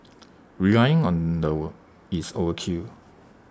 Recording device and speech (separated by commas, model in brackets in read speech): standing microphone (AKG C214), read sentence